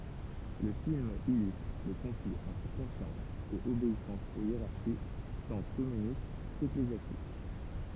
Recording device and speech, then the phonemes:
temple vibration pickup, read sentence
lə film ilystʁ le kɔ̃fliz ɑ̃tʁ kɔ̃sjɑ̃s e obeisɑ̃s o jeʁaʁʃi tɑ̃ kɔmynist keklezjastik

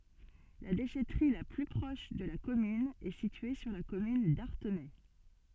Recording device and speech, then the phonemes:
soft in-ear microphone, read sentence
la deʃɛtʁi la ply pʁɔʃ də la kɔmyn ɛ sitye syʁ la kɔmyn daʁtenɛ

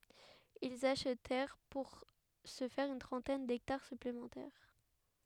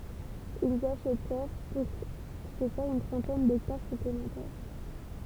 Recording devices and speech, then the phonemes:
headset microphone, temple vibration pickup, read sentence
ilz aʃtɛʁ puʁ sə fɛʁ yn tʁɑ̃tɛn dɛktaʁ syplemɑ̃tɛʁ

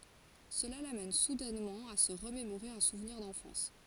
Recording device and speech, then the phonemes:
forehead accelerometer, read sentence
səla lamɛn sudɛnmɑ̃ a sə ʁəmemoʁe œ̃ suvniʁ dɑ̃fɑ̃s

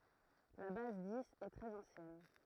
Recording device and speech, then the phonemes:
throat microphone, read sentence
la baz diz ɛ tʁɛz ɑ̃sjɛn

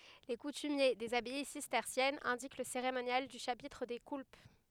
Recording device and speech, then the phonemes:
headset microphone, read sentence
le kutymje dez abaj sistɛʁsjɛnz ɛ̃dik lə seʁemonjal dy ʃapitʁ de kulp

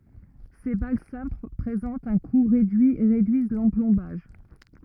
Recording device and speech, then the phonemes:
rigid in-ear microphone, read sentence
se bal sɛ̃pl pʁezɑ̃tt œ̃ ku ʁedyi e ʁedyiz lɑ̃plɔ̃baʒ

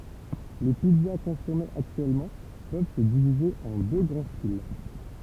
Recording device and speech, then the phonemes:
temple vibration pickup, read sentence
le pizza kɔ̃sɔmez aktyɛlmɑ̃ pøv sə divize ɑ̃ dø ɡʁɑ̃ stil

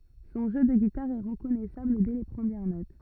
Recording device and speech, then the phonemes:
rigid in-ear microphone, read sentence
sɔ̃ ʒø də ɡitaʁ ɛ ʁəkɔnɛsabl dɛ le pʁəmjɛʁ not

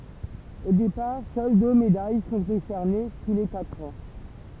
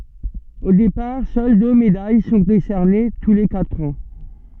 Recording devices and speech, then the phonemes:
temple vibration pickup, soft in-ear microphone, read sentence
o depaʁ sœl dø medaj sɔ̃ desɛʁne tu le katʁ ɑ̃

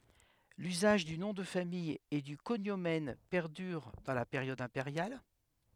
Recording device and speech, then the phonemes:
headset microphone, read sentence
lyzaʒ dy nɔ̃ də famij e dy koɲomɛn pɛʁdyʁ dɑ̃ la peʁjɔd ɛ̃peʁjal

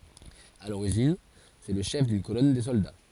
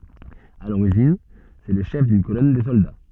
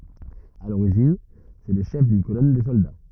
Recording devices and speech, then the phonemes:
forehead accelerometer, soft in-ear microphone, rigid in-ear microphone, read sentence
a loʁiʒin sɛ lə ʃɛf dyn kolɔn də sɔlda

